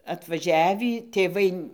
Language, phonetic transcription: Lithuanian, atvaˈžiavį tėˈvai

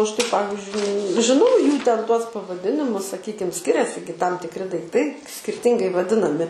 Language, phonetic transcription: Lithuanian, ˈaš tai ˈpavizdžiui žiˈnau ˈjų ˈten ˈtuos pavaˈdinimus saˈkykim ˈskiriasi gi tam tikˈri daikˈtai skirˈtingai vaˈdinami

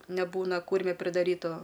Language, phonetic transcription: Lithuanian, neˈbūna ˈkūrme pridaˈrytu

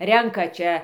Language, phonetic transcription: Lithuanian, ˈrenka ˈčia

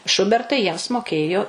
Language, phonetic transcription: Lithuanian, ˈšubertai jiems moˈkėjo

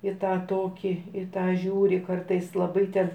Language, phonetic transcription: Lithuanian, i ˈtą ˈtokį i ˈtą ˈžiūri ˈkartais laˈbai ten

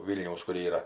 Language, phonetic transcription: Lithuanian, ˈvylniaus kur ˈyra

